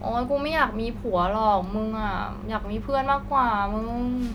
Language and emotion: Thai, frustrated